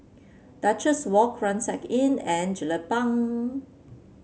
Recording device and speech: mobile phone (Samsung C7), read sentence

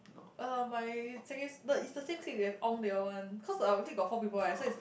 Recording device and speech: boundary microphone, conversation in the same room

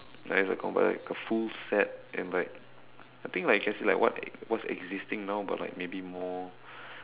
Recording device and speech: telephone, conversation in separate rooms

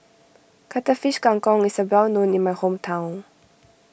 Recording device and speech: boundary microphone (BM630), read sentence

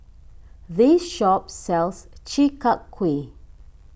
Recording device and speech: boundary microphone (BM630), read sentence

